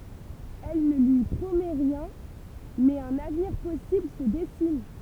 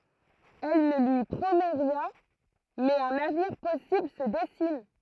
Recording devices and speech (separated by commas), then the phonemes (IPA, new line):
temple vibration pickup, throat microphone, read sentence
ɛl nə lyi pʁomɛ ʁjɛ̃ mɛz œ̃n avniʁ pɔsibl sə dɛsin